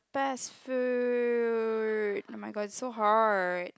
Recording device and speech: close-talking microphone, conversation in the same room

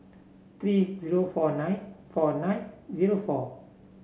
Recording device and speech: mobile phone (Samsung C7), read sentence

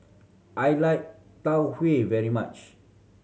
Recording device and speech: mobile phone (Samsung C7100), read sentence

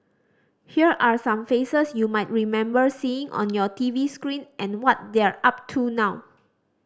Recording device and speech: standing microphone (AKG C214), read sentence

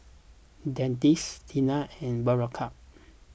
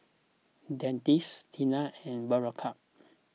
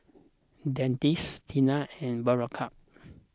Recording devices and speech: boundary microphone (BM630), mobile phone (iPhone 6), close-talking microphone (WH20), read sentence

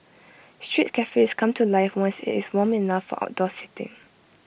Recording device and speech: boundary microphone (BM630), read sentence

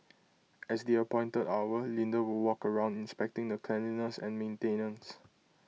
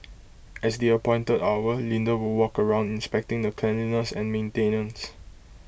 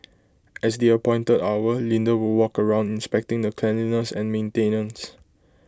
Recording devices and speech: mobile phone (iPhone 6), boundary microphone (BM630), close-talking microphone (WH20), read sentence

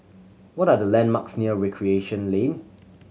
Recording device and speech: mobile phone (Samsung C7100), read sentence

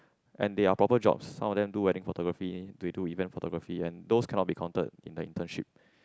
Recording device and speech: close-talking microphone, conversation in the same room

